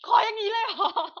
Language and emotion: Thai, happy